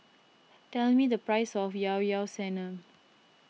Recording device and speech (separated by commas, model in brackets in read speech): mobile phone (iPhone 6), read sentence